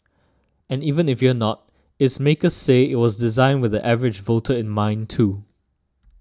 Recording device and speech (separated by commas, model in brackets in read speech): standing microphone (AKG C214), read sentence